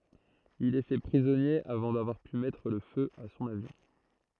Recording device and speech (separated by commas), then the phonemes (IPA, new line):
throat microphone, read sentence
il ɛ fɛ pʁizɔnje avɑ̃ davwaʁ py mɛtʁ lə fø a sɔ̃n avjɔ̃